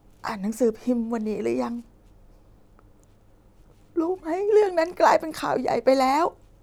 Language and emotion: Thai, sad